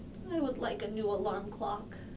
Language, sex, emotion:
English
female
sad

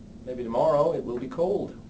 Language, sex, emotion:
English
male
neutral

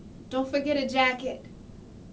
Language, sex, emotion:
English
female
neutral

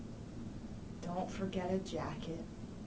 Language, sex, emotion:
English
female
sad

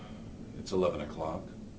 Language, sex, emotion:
English
male
neutral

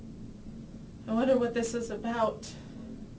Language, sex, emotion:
English
female
fearful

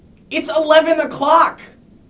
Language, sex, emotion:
English
male
angry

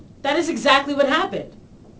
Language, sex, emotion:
English
female
angry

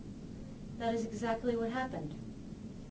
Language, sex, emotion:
English
female
neutral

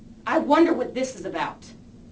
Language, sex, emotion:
English
female
angry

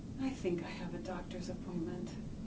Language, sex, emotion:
English
female
sad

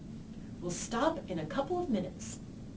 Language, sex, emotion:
English
female
angry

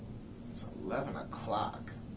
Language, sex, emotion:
English
male
disgusted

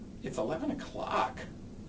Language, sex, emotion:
English
male
disgusted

